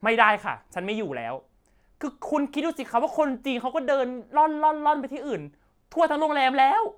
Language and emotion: Thai, angry